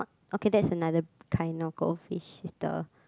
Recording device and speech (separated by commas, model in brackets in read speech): close-talking microphone, conversation in the same room